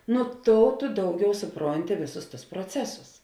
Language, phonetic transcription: Lithuanian, nu ˈtou tu ˈdauˌgiau suˈpronti ˈvėˌsus tus proˈcesus

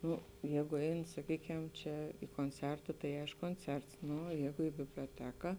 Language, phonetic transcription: Lithuanian, ˈnu ˈjegu ˈein saˈkykem ˈčia i konˈcerta tai ˈaišku konˈcerts ˈnu oˈjegu i biblioˈteka

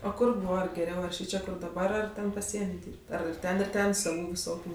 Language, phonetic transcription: Lithuanian, o ˈkur ˈbūva geˈriau ar ˈšyčia daˈbar ar ˈten paˈsieni ˈdyrb't' ˈar ir ˈten ir ˈten saˈvų viˈsokių

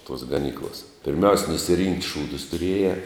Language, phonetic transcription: Lithuanian, tos gaˈnyklas pirˈmiaus' nusiˈrinkt' ˈšūdus tuˈriejē

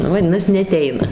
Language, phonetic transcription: Lithuanian, ˈnu vaˈdinas neaˈteina

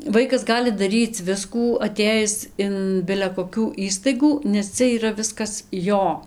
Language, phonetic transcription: Lithuanian, ˈvaikas ˈgali daˈryc ˈviskų aˈtėjis in bile koˈkių ˈįstaigų nes ˈcia yˈra ˈviskas ˈjo

